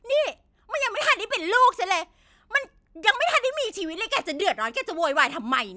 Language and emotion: Thai, angry